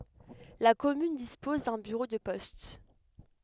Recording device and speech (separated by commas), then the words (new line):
headset microphone, read sentence
La commune dispose d’un bureau de poste.